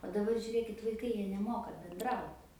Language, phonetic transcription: Lithuanian, o daˈbar žiuˈrėkit vaiˈkai ˈjie neˈmoka benˈdraut

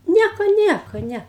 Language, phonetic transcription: Lithuanian, ˈnieko ˈnieko ˈne

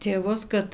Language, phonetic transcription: Lithuanian, tėˈvus kad

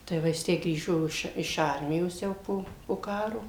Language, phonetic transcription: Lithuanian, tai ˈva jis ˈtę ˈgrįžo iš iš ˈarmijos ˈjau po po ˈkaro

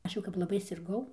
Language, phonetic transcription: Lithuanian, ˈaš jau kap laˈbai sirˈgau

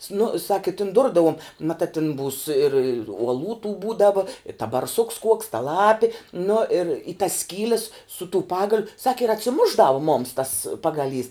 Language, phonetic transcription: Lithuanian, snu sak i tin ˈdurdavom maˈtā tin būs ir uoˈlų tų ˈbūdavo ir ta barˈsuks kuoks ta ˈlapi nu ir i tas ˈskyles su tū ˈpagaliu ˈsaki ir atsiˈmušˌdavu mums tas ˈpagaˌlys

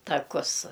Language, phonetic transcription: Lithuanian, taˈkus

